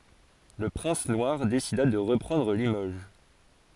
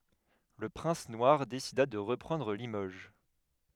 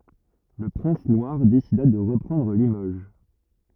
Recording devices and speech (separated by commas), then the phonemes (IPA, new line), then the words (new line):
forehead accelerometer, headset microphone, rigid in-ear microphone, read sentence
lə pʁɛ̃s nwaʁ desida də ʁəpʁɑ̃dʁ limoʒ
Le Prince Noir décida de reprendre Limoges.